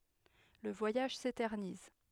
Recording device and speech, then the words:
headset microphone, read sentence
Le voyage s'éternise.

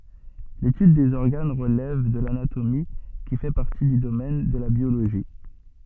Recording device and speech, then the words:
soft in-ear microphone, read sentence
L'étude des organes relève de l'anatomie, qui fait partie du domaine de la biologie.

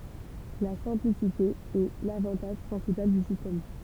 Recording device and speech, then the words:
temple vibration pickup, read sentence
La simplicité est l'avantage principal du système.

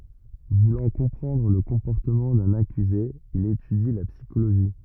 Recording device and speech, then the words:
rigid in-ear microphone, read sentence
Voulant comprendre le comportement d'un accusé, il étudie la psychologie.

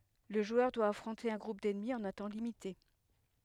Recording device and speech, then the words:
headset microphone, read sentence
Le joueur doit affronter un groupe d'ennemis en un temps limité.

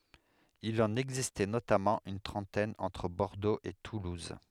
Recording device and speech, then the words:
headset microphone, read sentence
Il en existait notamment une trentaine entre Bordeaux et toulouse.

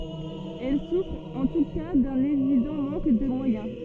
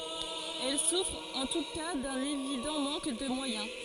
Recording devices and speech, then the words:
soft in-ear microphone, forehead accelerometer, read sentence
Elles souffrent en tout cas d’un évident manque de moyens.

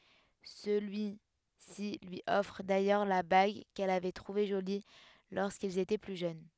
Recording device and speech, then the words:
headset microphone, read sentence
Celui-ci lui offre d'ailleurs la bague qu'elle avait trouvée jolie lorsqu'ils étaient plus jeunes.

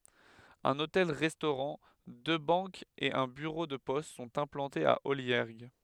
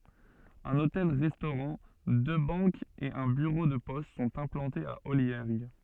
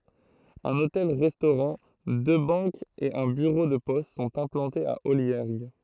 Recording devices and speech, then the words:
headset microphone, soft in-ear microphone, throat microphone, read sentence
Un hôtel-restaurant, deux banques et un bureau de poste sont implantés à Olliergues.

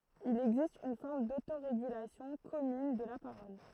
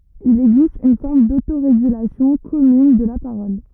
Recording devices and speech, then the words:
throat microphone, rigid in-ear microphone, read sentence
Il existe une forme d’autorégulation commune de la parole.

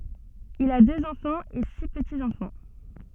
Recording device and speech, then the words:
soft in-ear microphone, read sentence
Il a deux enfants et six petits-enfants.

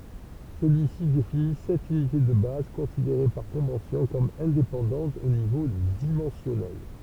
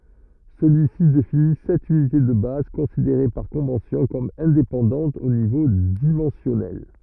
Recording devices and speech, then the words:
temple vibration pickup, rigid in-ear microphone, read sentence
Celui-ci définit sept unités de base considérées par convention comme indépendantes au niveau dimensionnel.

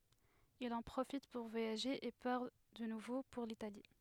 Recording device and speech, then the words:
headset microphone, read sentence
Il en profite pour voyager et part de nouveau pour l'Italie.

